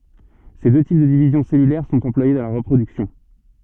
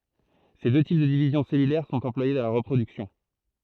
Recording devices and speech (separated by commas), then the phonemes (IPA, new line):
soft in-ear microphone, throat microphone, read sentence
se dø tip də divizjɔ̃ sɛlylɛʁ sɔ̃t ɑ̃plwaje dɑ̃ la ʁəpʁodyksjɔ̃